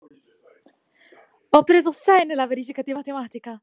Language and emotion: Italian, happy